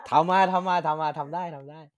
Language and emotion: Thai, happy